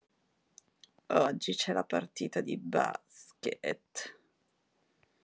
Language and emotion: Italian, disgusted